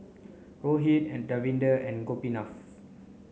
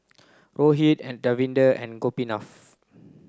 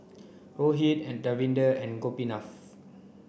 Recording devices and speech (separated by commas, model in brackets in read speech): mobile phone (Samsung C9), close-talking microphone (WH30), boundary microphone (BM630), read sentence